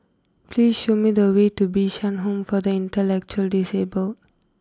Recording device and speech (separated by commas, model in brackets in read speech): close-talking microphone (WH20), read sentence